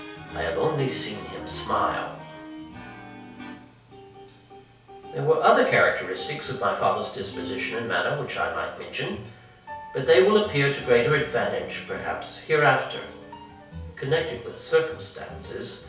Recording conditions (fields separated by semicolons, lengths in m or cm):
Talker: one person; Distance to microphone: 3.0 m; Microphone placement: far; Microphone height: 1.8 m; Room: small (3.7 m by 2.7 m); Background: music